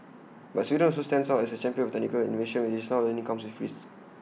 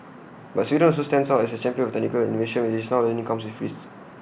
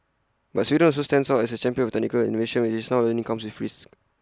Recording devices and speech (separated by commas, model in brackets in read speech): mobile phone (iPhone 6), boundary microphone (BM630), close-talking microphone (WH20), read sentence